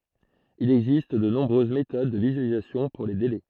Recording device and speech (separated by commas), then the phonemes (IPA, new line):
throat microphone, read sentence
il ɛɡzist də nɔ̃bʁøz metod də vizyalizasjɔ̃ puʁ le delɛ